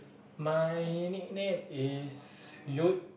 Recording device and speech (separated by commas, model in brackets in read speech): boundary microphone, conversation in the same room